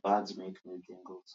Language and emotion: English, neutral